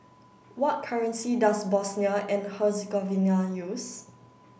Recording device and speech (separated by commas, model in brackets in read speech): boundary microphone (BM630), read sentence